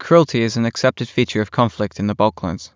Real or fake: real